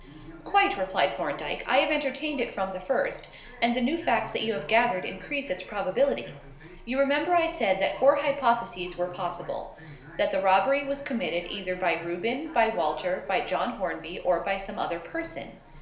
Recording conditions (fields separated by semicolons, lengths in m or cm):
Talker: one person; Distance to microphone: 1.0 m; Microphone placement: close; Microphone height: 1.1 m; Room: small (3.7 m by 2.7 m); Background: television